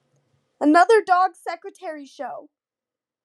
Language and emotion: English, sad